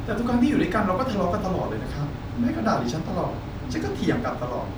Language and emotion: Thai, frustrated